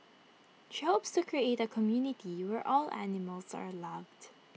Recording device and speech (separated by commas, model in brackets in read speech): mobile phone (iPhone 6), read sentence